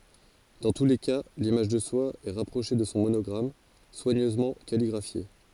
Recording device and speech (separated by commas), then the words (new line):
forehead accelerometer, read sentence
Dans tous les cas, l'image de soi est rapprochée de son monogramme, soigneusement calligraphié.